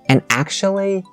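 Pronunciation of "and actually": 'And actually' is said with rising intonation.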